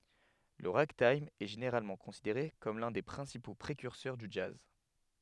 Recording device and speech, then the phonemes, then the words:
headset microphone, read sentence
lə ʁaɡtajm ɛ ʒeneʁalmɑ̃ kɔ̃sideʁe kɔm lœ̃ de pʁɛ̃sipo pʁekyʁsœʁ dy dʒaz
Le ragtime est généralement considéré comme l'un des principaux précurseurs du jazz.

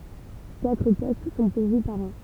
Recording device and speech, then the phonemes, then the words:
temple vibration pickup, read sentence
katʁ pɔst sɔ̃ puʁvy paʁ ɑ̃
Quatre postes sont pourvus par an.

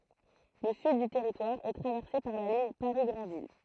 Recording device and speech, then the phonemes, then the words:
throat microphone, read sentence
lə syd dy tɛʁitwaʁ ɛ tʁavɛʁse paʁ la liɲ paʁi ɡʁɑ̃vil
Le sud du territoire est traversé par la ligne Paris-Granville.

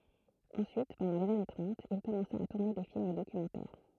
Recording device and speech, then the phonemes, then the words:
throat microphone, read sentence
ɑ̃syit pɑ̃dɑ̃ lez ane tʁɑ̃t il kɔmɑ̃sa a tuʁne de film dokymɑ̃tɛʁ
Ensuite, pendant les années trente, il commença à tourner des films documentaires.

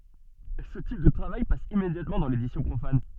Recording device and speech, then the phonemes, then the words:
soft in-ear microphone, read sentence
sə tip də tʁavaj pas immedjatmɑ̃ dɑ̃ ledisjɔ̃ pʁofan
Ce type de travail passe immédiatement dans l'édition profane.

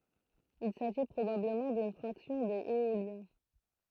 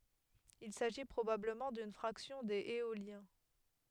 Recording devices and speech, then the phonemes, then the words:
throat microphone, headset microphone, read sentence
il saʒi pʁobabləmɑ̃ dyn fʁaksjɔ̃ dez eoljɛ̃
Il s'agit probablement d'une fraction des Éoliens.

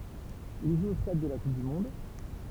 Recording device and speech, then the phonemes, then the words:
temple vibration pickup, read sentence
il ʒu o stad də la kup dy mɔ̃d
Il joue au Stade de la Coupe du monde.

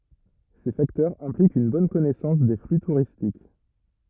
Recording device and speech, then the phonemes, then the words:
rigid in-ear microphone, read sentence
se faktœʁz ɛ̃plikt yn bɔn kɔnɛsɑ̃s de fly tuʁistik
Ces facteurs impliquent une bonne connaissance des flux touristiques.

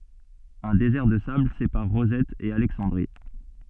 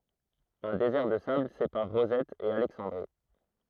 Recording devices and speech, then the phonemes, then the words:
soft in-ear microphone, throat microphone, read sentence
œ̃ dezɛʁ də sabl sepaʁ ʁozɛt e alɛksɑ̃dʁi
Un désert de sable sépare Rosette et Alexandrie.

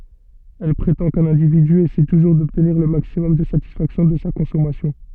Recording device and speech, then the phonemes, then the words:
soft in-ear microphone, read sentence
ɛl pʁetɑ̃ kœ̃n ɛ̃dividy esɛ tuʒuʁ dɔbtniʁ lə maksimɔm də satisfaksjɔ̃ də sa kɔ̃sɔmasjɔ̃
Elle prétend qu'un individu essaie toujours d'obtenir le maximum de satisfaction de sa consommation.

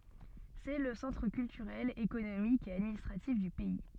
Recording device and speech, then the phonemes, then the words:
soft in-ear microphone, read sentence
sɛ lə sɑ̃tʁ kyltyʁɛl ekonomik e administʁatif dy pɛi
C'est le centre culturel, économique et administratif du pays.

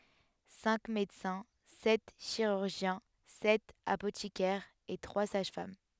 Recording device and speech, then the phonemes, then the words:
headset microphone, read sentence
sɛ̃k medəsɛ̃ sɛt ʃiʁyʁʒjɛ̃ sɛt apotikɛʁz e tʁwa saʒ fam
Cinq médecins, sept chirurgiens, sept apothicaires et trois sages-femmes.

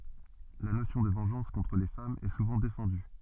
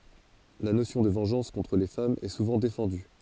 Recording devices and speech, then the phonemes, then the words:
soft in-ear microphone, forehead accelerometer, read sentence
la nosjɔ̃ də vɑ̃ʒɑ̃s kɔ̃tʁ le famz ɛ suvɑ̃ defɑ̃dy
La notion de vengeance contre les femmes est souvent défendue.

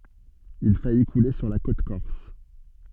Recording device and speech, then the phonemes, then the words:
soft in-ear microphone, read sentence
il faji kule syʁ la kot kɔʁs
Il faillit couler sur la côte corse.

